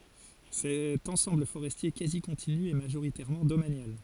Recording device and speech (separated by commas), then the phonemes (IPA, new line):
forehead accelerometer, read sentence
sɛt ɑ̃sɑ̃bl foʁɛstje kazi kɔ̃tiny ɛ maʒoʁitɛʁmɑ̃ domanjal